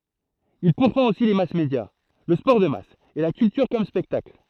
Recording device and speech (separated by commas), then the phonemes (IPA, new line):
throat microphone, read sentence
il puʁfɑ̃t osi le masmedja lə spɔʁ də mas e la kyltyʁ kɔm spɛktakl